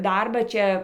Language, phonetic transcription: Lithuanian, ˈdarbą ˈčia

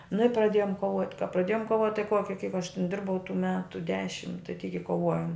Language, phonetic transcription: Lithuanian, nu i praˈdėjom koˈvot' ka praˈdėjom koˈvot' tai ˈkoki kaip aš tin ˈdirbau tų ˈmetu ˈdešim tai tyk i koˈvojom

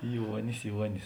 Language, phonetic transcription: Lithuanian, ˈjuonis ˈjuonis

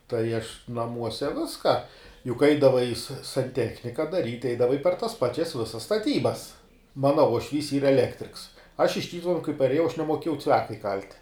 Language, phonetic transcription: Lithuanian, tai aš naˈmuose ˈviska juk ˈaidavai sa sanˈtechnika daˈryt' ˈeidavai per tas ˈpačias ˈvisas staˈtybas ˈmana uošˈvys ˈyra eˈlektriks aš iš ˈtytuvenu kai parėˈjau aš nemoˈkėjau ˈcviaka iˈkalt'

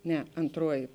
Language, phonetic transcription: Lithuanian, ˈne antˈruoji

